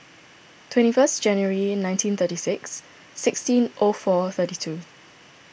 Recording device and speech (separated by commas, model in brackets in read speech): boundary microphone (BM630), read sentence